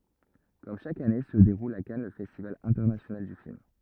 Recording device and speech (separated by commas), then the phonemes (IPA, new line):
rigid in-ear microphone, read sentence
kɔm ʃak ane sə deʁul a kan lə fɛstival ɛ̃tɛʁnasjonal dy film